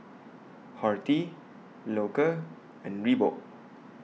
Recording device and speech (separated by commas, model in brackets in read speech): mobile phone (iPhone 6), read sentence